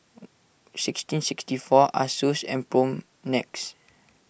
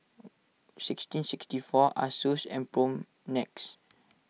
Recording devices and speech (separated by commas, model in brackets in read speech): boundary microphone (BM630), mobile phone (iPhone 6), read sentence